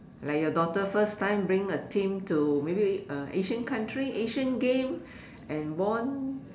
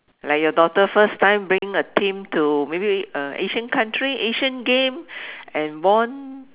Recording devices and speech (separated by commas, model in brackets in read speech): standing microphone, telephone, conversation in separate rooms